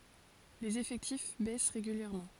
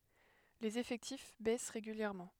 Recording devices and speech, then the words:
forehead accelerometer, headset microphone, read sentence
Les effectifs baissent régulièrement.

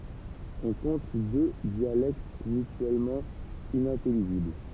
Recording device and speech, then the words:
temple vibration pickup, read sentence
On compte deux dialectes mutuellement inintelligibles.

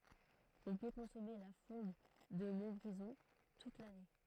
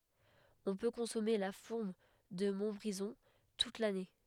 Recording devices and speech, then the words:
throat microphone, headset microphone, read sentence
On peut consommer la fourme de Montbrison toute l'année.

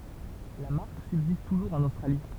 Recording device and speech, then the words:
temple vibration pickup, read sentence
La marque subsiste toujours en Australie.

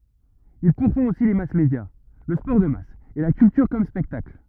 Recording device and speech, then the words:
rigid in-ear microphone, read sentence
Il pourfend aussi les mass-médias, le sport de masse et la culture comme spectacle.

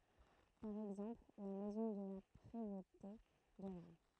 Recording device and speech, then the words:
throat microphone, read sentence
Par exemple, la maison de la Prévôté de Rennes.

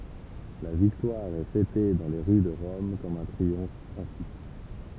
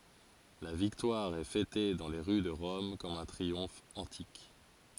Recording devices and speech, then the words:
temple vibration pickup, forehead accelerometer, read sentence
La victoire est fêtée dans les rues de Rome comme un triomphe antique.

